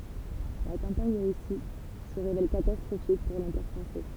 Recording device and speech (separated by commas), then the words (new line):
temple vibration pickup, read sentence
La campagne de Russie se révèle catastrophique pour l'Empire français.